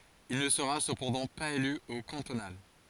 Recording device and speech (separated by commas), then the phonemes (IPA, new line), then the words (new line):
forehead accelerometer, read sentence
il nə səʁa səpɑ̃dɑ̃ paz ely o kɑ̃tonal
Il ne sera cependant pas élu aux cantonales.